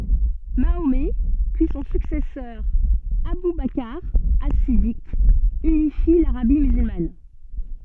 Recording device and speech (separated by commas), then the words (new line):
soft in-ear microphone, read sentence
Mahomet puis son successeur Abou Bakr As-Siddiq, unifient l'Arabie musulmane.